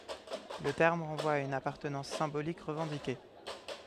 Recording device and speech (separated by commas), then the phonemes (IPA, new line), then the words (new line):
headset microphone, read sentence
lə tɛʁm ʁɑ̃vwa a yn apaʁtənɑ̃s sɛ̃bolik ʁəvɑ̃dike
Le terme renvoie à une appartenance symbolique revendiquée.